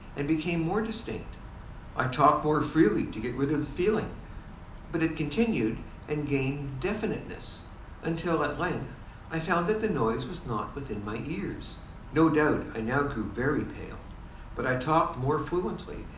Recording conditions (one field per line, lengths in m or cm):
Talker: one person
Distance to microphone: 2.0 m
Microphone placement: close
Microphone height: 99 cm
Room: medium-sized (5.7 m by 4.0 m)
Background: none